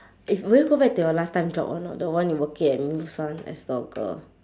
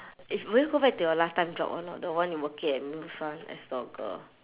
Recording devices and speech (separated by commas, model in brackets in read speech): standing microphone, telephone, conversation in separate rooms